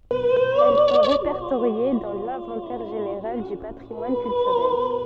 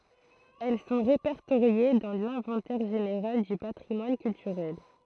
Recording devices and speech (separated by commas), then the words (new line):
soft in-ear microphone, throat microphone, read sentence
Elles sont répertoriées dans l'inventaire général du patrimoine culturel.